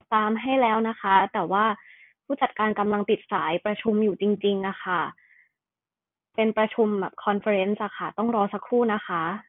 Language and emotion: Thai, neutral